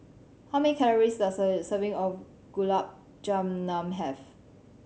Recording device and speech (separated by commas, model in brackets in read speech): mobile phone (Samsung C7100), read sentence